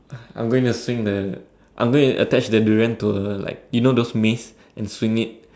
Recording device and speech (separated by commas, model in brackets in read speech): standing microphone, conversation in separate rooms